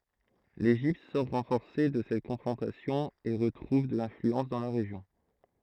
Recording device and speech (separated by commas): throat microphone, read sentence